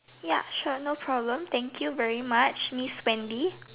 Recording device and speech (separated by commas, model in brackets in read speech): telephone, conversation in separate rooms